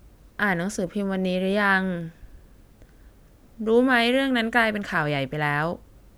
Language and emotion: Thai, frustrated